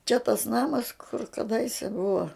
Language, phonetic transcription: Lithuanian, čia tas ˈnamas kur kaˈdaise ˈbuva

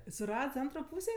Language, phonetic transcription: Lithuanian, suˈrads ˈantro ˈpūsė

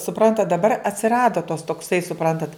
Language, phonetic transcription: Lithuanian, suˈprantat daˈbar atsiˈrado tos tokˈsai suˈprantat

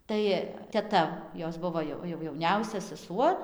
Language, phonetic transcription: Lithuanian, ˈtai teˈta ˈjos ˈbuvo jo jau jauˈniausia seˈsuo

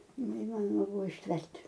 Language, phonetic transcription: Lithuanian, neiˈmanoma ˈbuvo išˈtvert'

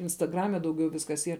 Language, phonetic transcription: Lithuanian, instaˈgrame dauˈgiau ˈviskas ˈyr

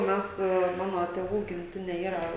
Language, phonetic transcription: Lithuanian, ˈmes ˈmano tėˈvų gimˈtinė ˈyra

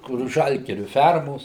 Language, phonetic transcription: Lithuanian, kur ˈžalgiriu ˈfermos

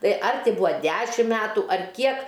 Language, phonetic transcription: Lithuanian, ˈtai ar ˈti ˈbua ˈdešim ˈmetu ar ˈkiek

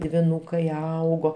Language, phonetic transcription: Lithuanian, dviˈnūkai ˈaugo

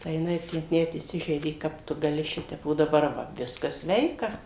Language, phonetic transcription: Lithuanian, tai jiˈnai ˈtę net įˈsižeidė ˈkap tu gaˈli ˈšitep o daˈbar ˈva ˈviskas ˈsveika

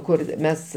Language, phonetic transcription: Lithuanian, ˈkur ˈmes

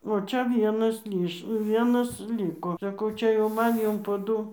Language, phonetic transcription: Lithuanian, o ˈčia ˈvienas ˈlyš ˈvienas ˈlyko saˈkau ˈčia jau ˈman ˈjum po ˈdu

